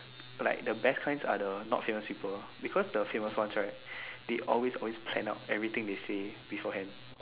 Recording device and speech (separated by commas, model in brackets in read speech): telephone, conversation in separate rooms